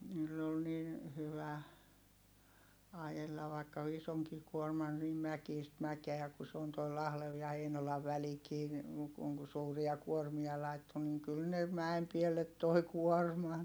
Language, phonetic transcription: Finnish, niill ‿ol nin , hyvä , ajella vaikka isoŋki kuorman nim mäkiist mäkeä ku se on toi Lahlev ja Heinolav välikii ni , kuŋ ku suuria kuormia laitto niŋ kyl ne , mäem piellet toi kuorman .
- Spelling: niillä oli niin hyvä ajella vaikka isonkin kuorman niin mäkistä mäkeä kun se on tuo Lahden ja Heinolan välikin niin kun kun suuria kuormia laittoi niin kyllä ne mäen päälle toi kuorman

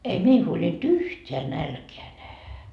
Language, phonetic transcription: Finnish, 'ei 'mei huoĺint "yhteä 'nälkeä nähä .
- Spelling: ei meidän huolinut yhtään nälkää nähdä

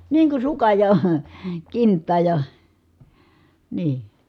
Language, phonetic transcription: Finnish, nii kun̬ sukaj ja , kinttaaj ja , nii .
- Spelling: niin kuin sukan ja kintaan ja niin

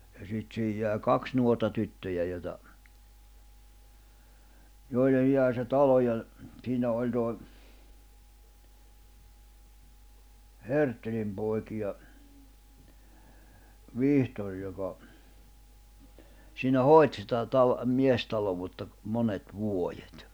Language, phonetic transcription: Finnish, ja sit siihij jä̀i̬ "kaks 'nuorta 'tyttöjä joⁱta , 'joillej 'jä̀i̬ se 'talo ja , ᵗsiinä oĺ tòi , 'Herttelim pòikiʲa , 'Vihtor joka , siinä "hoi̬t sitä tal- , 'miestalovutta , 'monet 'vuojet .
- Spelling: ja sitten siihen jäi kaksi nuorta tyttöä joita joille jäi se talo ja siinä oli toi Herttelin poikia Vihtori joka siinä hoiti sitä - miestaloutta monet vuodet

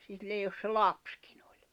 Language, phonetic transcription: Finnish, sillej̆ jos se "lapskɪɴ ‿ᴏʟ̀ .
- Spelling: sille jos se lapsikin oli

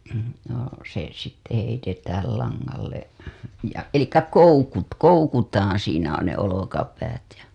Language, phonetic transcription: Finnish, no , se sitte heitetääl laŋŋalle , ja , 'elikkä "koukut- , "koukutaaa̰ siinä on ne 'olokapäät ja .
- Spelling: no se sitten heitetään langalle ja eli - koukutaan siinä on ne olkapäät ja

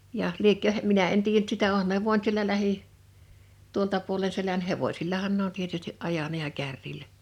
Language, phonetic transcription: Finnish, jaʰ , 'liekkö , 'minä en 'tiijän ‿[ny]t 'sitä 'òhan ne vòint sielä 'lähi , 'tuolta puole 'selän "hevosillahan ne ‿on tietysti’ '’ajana ja 'kärrilä .
- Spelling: ja liekö minä en tiedä nyt sitä onhan ne voinut siellä lähi tuolta puolen selän hevosillahan ne on tietysti ajanut ja kärryllä

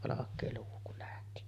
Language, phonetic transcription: Finnish, 'valak̆kee luu kul lähti .
- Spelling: valkea luu kun lähti

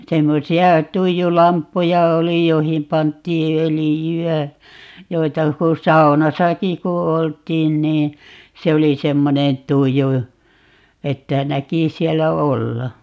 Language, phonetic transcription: Finnish, 'semmosi₍a 'tuiju"lamppuja 'oli 'joⁱhim 'pant̀ii "ölijy₍ä , 'joita ku 'sauna"saki ku 'olt̀iin nii , 'se oli 'semmonen "tuju , 'että 'näki 'siɛllä "olla .
- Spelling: semmoisia tuijulamppuja oli joihin pantiin öljyä joita kun saunassakin kun oltiin niin se oli semmoinen tuju että näki sillä olla

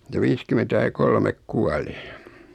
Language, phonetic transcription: Finnish, (se) 'viiskymentä ja 'kolmek "kuali .
- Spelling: se viisikymmentä ja kolme kuoli

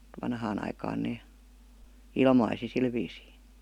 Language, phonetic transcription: Finnish, 'vanhaan ‿aikaan nee , "ilmaisi sil viisii .
- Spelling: vanhaan aikaan ne ilmaisi sillä viisiin

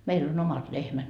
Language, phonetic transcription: Finnish, 'meil ‿on 'omat 'lehmät .
- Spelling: meillä on omat lehmät

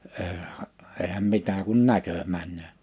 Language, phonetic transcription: Finnish, eehä’ , eehäm 'mitä kun 'näkö 'männöö .
- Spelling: eihän eihän mitä kun näkö menee

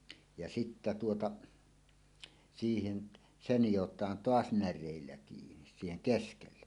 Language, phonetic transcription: Finnish, ja sittä tuota , siihen , "se 'nijot̀aan "toas 'när̆rèillä 'kiinis siiheŋ "keskelle .
- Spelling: ja sitten tuota siihen se nidotaan taas näreillä kiinni siihen keskelle

